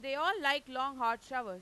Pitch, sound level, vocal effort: 265 Hz, 101 dB SPL, loud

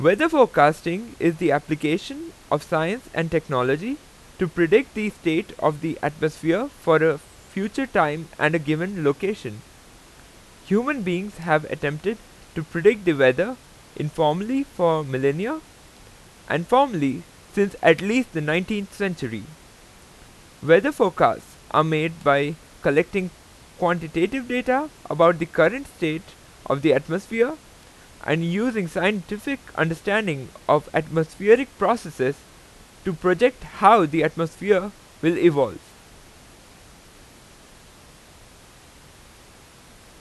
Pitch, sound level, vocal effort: 170 Hz, 91 dB SPL, very loud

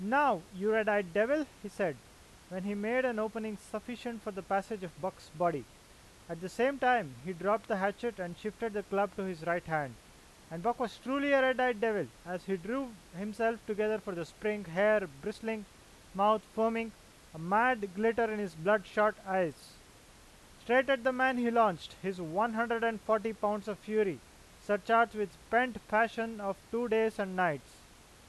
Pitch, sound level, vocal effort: 210 Hz, 94 dB SPL, loud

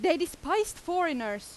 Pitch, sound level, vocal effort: 335 Hz, 93 dB SPL, very loud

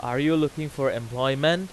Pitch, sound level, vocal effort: 145 Hz, 95 dB SPL, very loud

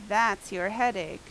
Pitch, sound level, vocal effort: 210 Hz, 87 dB SPL, loud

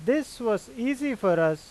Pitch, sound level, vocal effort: 230 Hz, 92 dB SPL, loud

